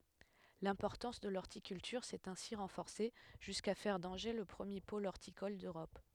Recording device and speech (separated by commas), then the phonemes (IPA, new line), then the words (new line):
headset microphone, read sentence
lɛ̃pɔʁtɑ̃s də lɔʁtikyltyʁ sɛt ɛ̃si ʁɑ̃fɔʁse ʒyska fɛʁ dɑ̃ʒe lə pʁəmje pol ɔʁtikɔl døʁɔp
L'importance de l'horticulture s’est ainsi renforcée jusqu'à faire d'Angers le premier pôle horticole d’Europe.